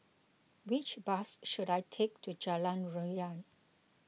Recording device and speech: mobile phone (iPhone 6), read sentence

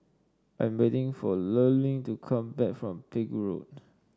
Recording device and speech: standing microphone (AKG C214), read sentence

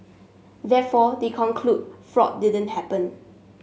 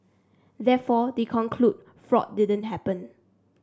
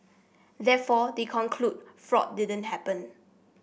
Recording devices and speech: mobile phone (Samsung S8), standing microphone (AKG C214), boundary microphone (BM630), read sentence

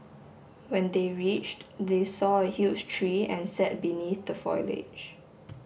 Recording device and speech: boundary microphone (BM630), read sentence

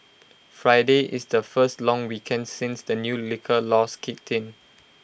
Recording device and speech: boundary microphone (BM630), read sentence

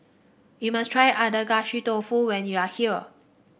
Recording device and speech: boundary microphone (BM630), read sentence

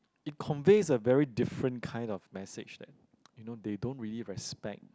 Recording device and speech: close-talking microphone, conversation in the same room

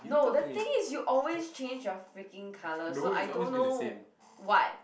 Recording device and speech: boundary microphone, conversation in the same room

